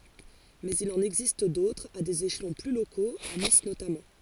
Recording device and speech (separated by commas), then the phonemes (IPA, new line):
forehead accelerometer, read sentence
mɛz il ɑ̃n ɛɡzist dotʁz a dez eʃlɔ̃ ply lokoz a nis notamɑ̃